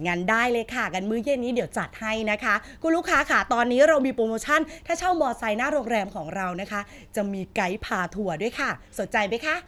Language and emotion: Thai, happy